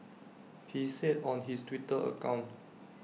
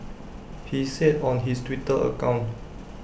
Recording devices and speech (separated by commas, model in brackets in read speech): mobile phone (iPhone 6), boundary microphone (BM630), read sentence